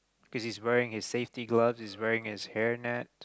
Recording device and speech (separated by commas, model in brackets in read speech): close-talking microphone, conversation in the same room